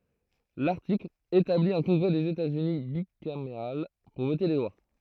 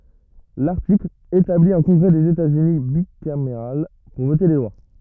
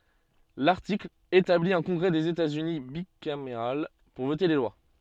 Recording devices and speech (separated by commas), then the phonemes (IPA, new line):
throat microphone, rigid in-ear microphone, soft in-ear microphone, read sentence
laʁtikl etabli œ̃ kɔ̃ɡʁɛ dez etaz yni bikameʁal puʁ vote le lwa